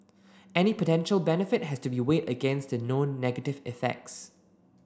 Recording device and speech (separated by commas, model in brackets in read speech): standing microphone (AKG C214), read sentence